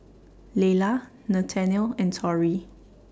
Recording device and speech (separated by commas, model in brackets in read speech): standing microphone (AKG C214), read sentence